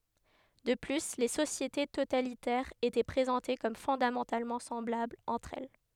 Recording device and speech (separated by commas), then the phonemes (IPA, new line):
headset microphone, read sentence
də ply le sosjete totalitɛʁz etɛ pʁezɑ̃te kɔm fɔ̃damɑ̃talmɑ̃ sɑ̃blablz ɑ̃tʁ ɛl